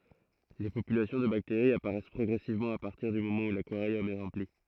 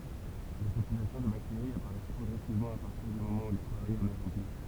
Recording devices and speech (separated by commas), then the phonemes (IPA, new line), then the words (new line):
throat microphone, temple vibration pickup, read sentence
le popylasjɔ̃ də bakteʁiz apaʁɛs pʁɔɡʁɛsivmɑ̃ a paʁtiʁ dy momɑ̃ u lakwaʁjɔm ɛ ʁɑ̃pli
Les populations de bactéries apparaissent progressivement à partir du moment où l'aquarium est rempli.